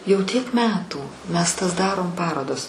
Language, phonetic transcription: Lithuanian, jau tiek ˈmetų mes tas ˈdarom ˈparodas

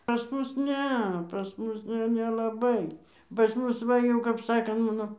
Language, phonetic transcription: Lithuanian, pas ˈmus ˈne pas ˈmus jau nelaˈbai pas ˈmus ˈva jau kap ˈsako ˈmano

